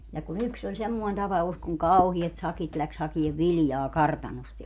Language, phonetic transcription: Finnish, ja ku"n ‿yks ‿oĺ 'semmoin 'tapa₍us kuŋ "kauhiɛt "sakit läks 'hakiev "viljaa "kartanost ja ,.
- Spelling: ja kun yksi oli semmoinen tapaus kun kauheat sakit lähti hakemaan viljaa kartanosta ja

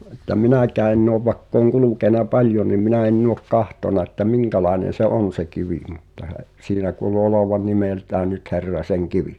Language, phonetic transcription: Finnish, että 'minä̀kää enn ‿òv va[i]kk ‿ooŋ 'kulùkèna "paĺjo ni minä enn ‿ook "kahtòna että "miŋkälàenen̬ se 'on̬ se 'kivì mutta he’- , siinä kuulu olovaⁿ 'nimeltää nyt 'Herraseŋ"kivi .
- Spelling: että minäkään ennen ole vaikka olen kulkenut paljon niin minä en ole katsonut että minkälainen se on se kivi mutta - siinä kuului olevan nimeltään nyt Herrasenkivi

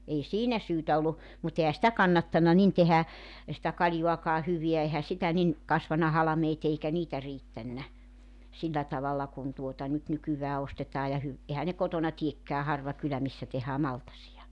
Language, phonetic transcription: Finnish, 'ei "siinä 'syytä ollu , mut ehä 'sⁱtä "kannattanna 'nin tehä , sⁱtä 'kaĺjuakaa 'hyviä ehä 'sitä nin , 'kasvana 'halᵃmeet 'eikä 'niitä "riittännä , 'sillä tavalla 'kun tuota nyt 'nykyvää 'ostetaa ja hy- , 'ehä ne 'kotona 'tiekkää 'harva 'kylä 'missä tehää "maltasi₍a .
- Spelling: ei siinä syytä ollut mutta eihän sitä kannattanut niin tehdä sitä kaljaakaan hyvää eihän sitä niin kasvanut halmeet eikä niitä riittänyt sillä tavalla kuin tuota nyt nykyään ostetaan ja - eihän ne kotona teekään harva kylä missä tehdään maltaita

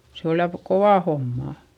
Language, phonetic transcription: Finnish, se ol ja , kovà hommà .
- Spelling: se oli ja kova homma

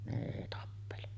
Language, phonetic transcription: Finnish, ne èi tappele .
- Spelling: ne ei tappele

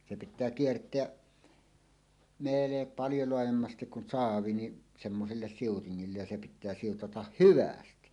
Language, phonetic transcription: Finnish, 'se 'pit̆tää "kiert̀eäˀ , 'meele- , 'paljo loajemmastik kun 'saavi ni , semmoselles siutiŋŋillej ja se pit̆tää 'siutatah "hyvästi .
- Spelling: se pitää kiertää - paljon laajemmasti kun saavi niin semmoiselle siutingille ja se pitää siutata hyvästi

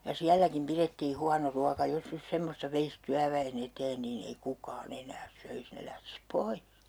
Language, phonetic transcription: Finnish, ja "siälläkim 'pirettii 'huano 'ruaka 'jos 'nys semmosta 'veis 'tyävä₍e"n ‿eteen niin ‿ei 'kukaa'n ‿enääs 'söis 'ne lähtis "poih .
- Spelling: ja sielläkin pidettiin huono ruoka jos nyt semmoista veisi työväen eteen niin ei kukaan enää söisi ne lähtisi pois

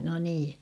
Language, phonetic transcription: Finnish, no 'nii .
- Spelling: no niin

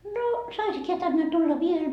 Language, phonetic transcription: Finnish, » noo , 'saisik heä 'tänne tulla 'viel ? »
- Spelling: no saisiko hän tänne tulla vielä

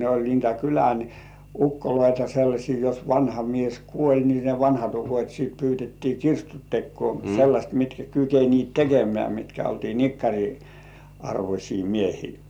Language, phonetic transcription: Finnish, ne oĺ niitä kylän , "ukkoloita sellaśii jos 'vanha mies "kuoĺ ni ne 'vanhat ukot́ sit pyytettii "kirstu 'tekkŭò sellaśt mitkä kyken̜iit "tekemĕä̀ mitkä oltii "nikkaŕi , 'arvośii "miehii .
- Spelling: ne oli niitä kylän ukkoja sellaisia jos vanha mies kuoli niin ne vanhat ukot sitten pyydettiin kirstun tekoon sellaiset mitkä kykenivät tekemään mitkä oltiin nikkarin arvoisia miehiä

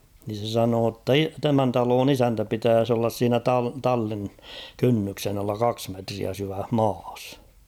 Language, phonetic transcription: Finnish, ni se 'sanoo ‿tta "i- 'tämän 'taloon ‿''isäntä 'pitääs ‿ollas 'siinä "ta- "tallin , 'kynnyksen ‿alla "kaks metriä 'syväh "maas .
- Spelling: niin se sanoi jotta - tämän talon isäntä pitäisi olla siinä - tallin kynnyksen alla kaksi metriä syvässä maassa

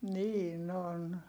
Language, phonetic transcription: Finnish, niin ‿on .
- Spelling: niin on

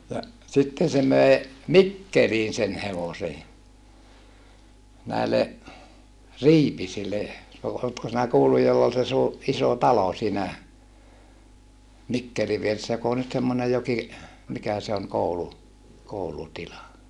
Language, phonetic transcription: Finnish, ja , sitten̬ se möe , Mikkeliin sen hevosej ja , näele , Riipisille , no , ootko sinä kuulluj joll ‿ol se suu- , isò talo siinä , Mikkeli vieressä jok ‿oo nyt semmonej joki , mikä se oŋ koulu- , koulutila .
- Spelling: ja sitten se möi Mikkeliin sen hevosen ja näille Riipisille no oletko sinä kuullut jolla oli se - iso talo siinä Mikkelin vieressä joka on nyt semmoinen jokin mikä se on - koulutila

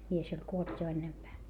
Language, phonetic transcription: Finnish, mies oĺ kuolt jo ennempää .
- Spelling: mies oli kuollut jo ennempää

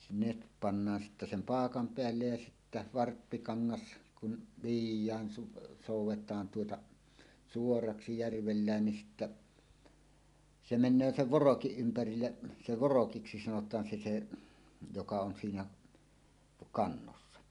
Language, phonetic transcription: Finnish, sᵉ net 'pannaan sittä sem "paakam 'peällej ja sittä "varppikaŋŋas , kun , 'vij̆jään su- , 'sòuw̆wet̀aan tuota , "suoraksi 'järvellään nin sittä , se "men̆nöö "sev "vorokiˀ ' ˀympärille , se 'vorokiksi sanot̀aan se se , joka on siinä , 'kannossa .
- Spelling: se ne pannaan sitten sen paakan päälle ja sitten varppikangas kun viedään - soudetaan tuota suoraksi järvellä niin sitten se menee sen vorokin ympärille se vorokiksi sanotaan se se joka on siinä kannossa

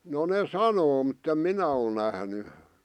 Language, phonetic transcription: Finnish, no ne "sanoo muttem "minä ol nähny .
- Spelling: no ne sanoo mutta en minä ole nähnyt

